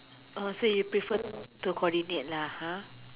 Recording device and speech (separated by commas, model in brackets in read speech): telephone, conversation in separate rooms